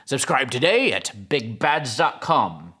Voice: using affected pirate-sounding voice